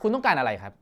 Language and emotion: Thai, angry